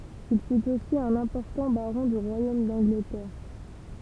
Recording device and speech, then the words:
temple vibration pickup, read sentence
Il fut aussi un important baron du royaume d'Angleterre.

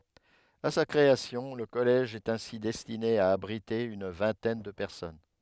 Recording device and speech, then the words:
headset microphone, read sentence
À sa création, le collège est ainsi destiné à abriter une vingtaine de personnes.

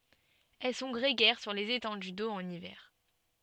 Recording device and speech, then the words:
soft in-ear microphone, read sentence
Elles sont grégaires sur les étendues d'eau en hiver.

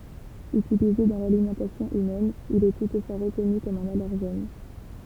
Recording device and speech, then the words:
temple vibration pickup, read sentence
Utilisé dans l'alimentation humaine, il est toutefois reconnu comme un allergène.

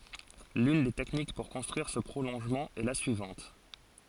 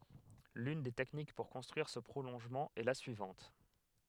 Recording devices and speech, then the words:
forehead accelerometer, headset microphone, read sentence
L'une des techniques pour construire ce prolongement est la suivante.

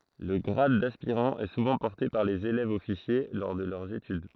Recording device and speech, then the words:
throat microphone, read sentence
Le grade d'aspirant est souvent porté par les élèves-officiers lors de leurs études.

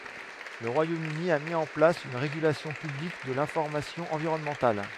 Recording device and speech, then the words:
headset microphone, read sentence
Le Royaume-Uni a mis en place une régulation publique de l'information environnementale.

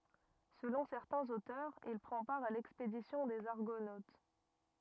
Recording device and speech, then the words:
rigid in-ear microphone, read sentence
Selon certains auteurs, il prend part à l'expédition des Argonautes.

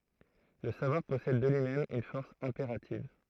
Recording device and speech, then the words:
throat microphone, read sentence
Le savoir possède de lui-même une force impérative.

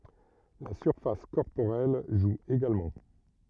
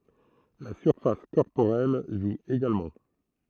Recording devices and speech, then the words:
rigid in-ear microphone, throat microphone, read sentence
La surface corporelle joue également.

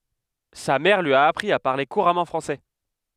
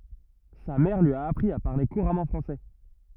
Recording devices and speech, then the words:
headset microphone, rigid in-ear microphone, read sentence
Sa mère lui a appris à parler couramment français.

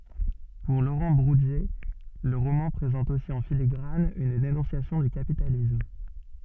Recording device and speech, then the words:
soft in-ear microphone, read sentence
Pour Laurent Bourdier, le roman présente aussi en filigrane une dénonciation du capitalisme.

